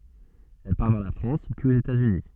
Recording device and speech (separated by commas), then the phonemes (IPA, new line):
soft in-ear microphone, read sentence
ɛl paʁ vɛʁ la fʁɑ̃s pyiz oz etatsyni